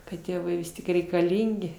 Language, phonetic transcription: Lithuanian, kad ˈtėvai ˈvis tik reikaˈlyngi

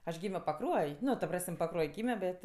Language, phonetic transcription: Lithuanian, aš ˈgymio paˈkruoj ˈnu ta ˈpras'm' paˈkruoj ˈgymio ˈbet

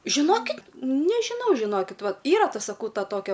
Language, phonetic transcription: Lithuanian, žiˈnokit' nežiˈnau žiˈnokit ˈva ˈyra ˈta saˈkau ˈta ˈtokia

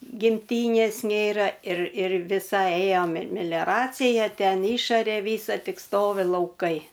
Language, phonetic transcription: Lithuanian, gimˈtynės ˈnėra ir ir viˈsai ˈėjo me ir melioˈracija ˈten ˈišarė ˈvysa ˈtik ˈstovi lauˈkai

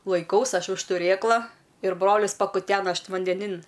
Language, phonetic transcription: Lithuanian, laiˈkaus ˈaš už tuˈrėkla ir ˈbrolis pakuˈtena ˈaš vandeˈnin

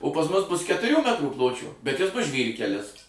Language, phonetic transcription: Lithuanian, o pas ˈmus ˈbus ketuˈrių ˈmetrų ˈpločio bet ˈjis ˈbus ˈžvyrkelis

